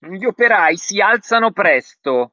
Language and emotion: Italian, angry